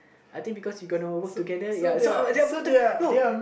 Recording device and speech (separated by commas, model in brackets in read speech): boundary microphone, conversation in the same room